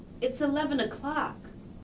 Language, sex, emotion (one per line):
English
female
disgusted